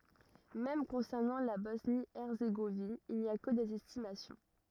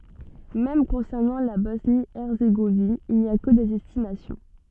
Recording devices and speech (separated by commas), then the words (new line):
rigid in-ear microphone, soft in-ear microphone, read sentence
Même concernant la Bosnie-Herzégovine il n’y a que des estimations.